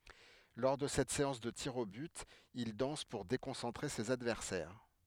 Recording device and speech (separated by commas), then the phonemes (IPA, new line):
headset microphone, read sentence
lɔʁ də sɛt seɑ̃s də tiʁz o byt il dɑ̃s puʁ dekɔ̃sɑ̃tʁe sez advɛʁsɛʁ